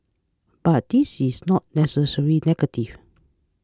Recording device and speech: close-talking microphone (WH20), read sentence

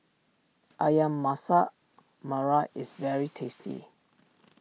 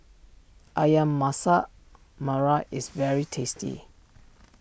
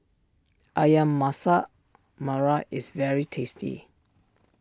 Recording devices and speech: mobile phone (iPhone 6), boundary microphone (BM630), standing microphone (AKG C214), read sentence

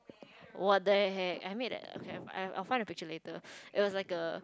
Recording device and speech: close-talking microphone, conversation in the same room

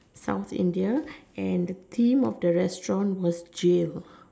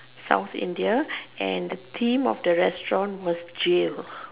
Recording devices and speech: standing microphone, telephone, conversation in separate rooms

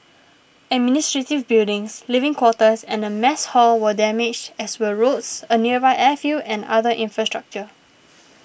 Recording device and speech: boundary microphone (BM630), read sentence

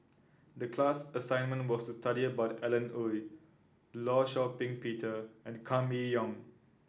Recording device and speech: standing microphone (AKG C214), read sentence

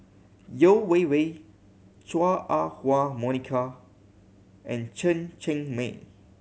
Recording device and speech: mobile phone (Samsung C7100), read sentence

